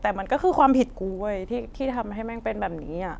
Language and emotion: Thai, sad